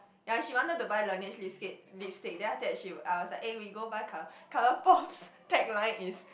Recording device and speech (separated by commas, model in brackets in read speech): boundary microphone, conversation in the same room